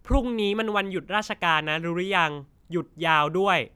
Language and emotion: Thai, frustrated